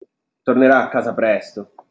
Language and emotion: Italian, neutral